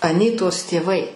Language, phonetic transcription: Lithuanian, aˈnytos tėˈvai

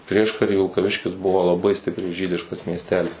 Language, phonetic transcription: Lithuanian, ˈprieškary vilkaˈviškis ˈbuvo laˈbai ˈstipriai ˈžydiškas miesˈtelis

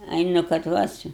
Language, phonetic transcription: Lithuanian, ˈai nu kad ˈva čia

